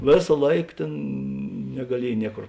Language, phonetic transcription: Lithuanian, ˈvėsa ˈlaik ˈtėn negaˈliej ˈniekor

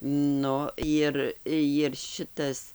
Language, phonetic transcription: Lithuanian, ˈnu ˈjir jir ˈšitas

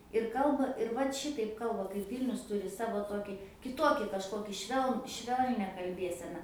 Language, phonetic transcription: Lithuanian, ir ˈkalba ir ˈvat ˈšitaip ˈkalba kaip ˈvylnius ˈtūri ˈsavo ˈtoki kiˈtoki kažˈkoki ˈšveln ˈšvelnia kalˈbėsena

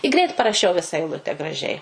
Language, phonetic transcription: Lithuanian, i ˈgreit paraˈšiau visa eiˈlute graˈžiai

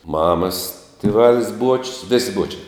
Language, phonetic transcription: Lithuanian, ˈmamas tiˈvalis ˈbuočius ˈvisi ˈbuočiai

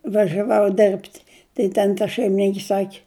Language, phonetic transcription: Lithuanian, važiaˈvau ˈdirbt' tai ˈten ta šeimiˈninki ˈsaki

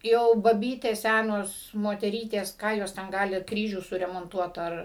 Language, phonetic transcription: Lithuanian, ˈjau baˈbytės ˈsænos moteˈrytės ˈką jos ten ˈgali ˈkryžių suremonˈtuot ˈar

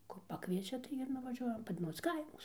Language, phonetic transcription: Lithuanian, kur paˈkviečia tai ir nuvaˈžiuojam ˈpad ˈmūs ˈkaimus

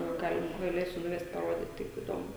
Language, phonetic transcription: Lithuanian, ˈgal' gaˈlėsiu nuˈvest paˈrodyt taip iˈdomu

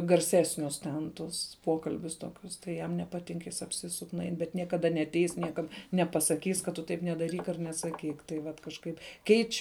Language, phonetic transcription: Lithuanian, garˈsesnius ten ˈtus ˈpokalbius ˈtokius tai ˈjam nepaˈtink ˈjis apˈsisuk nuˈain bet niekaˈda neatˈeis ˈniekad nepasaˈkys kad ˈtu ˈtaip nedaˈryk ar nesaˈkyk tai ˈvat kažˈkaip ˈkeič'

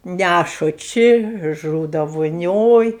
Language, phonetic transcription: Lithuanian, ˈnæšu ˈči ˈžūda voˈnioj

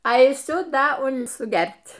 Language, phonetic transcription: Lithuanian, aiˈsiu ˈda ˈun suˈgert'

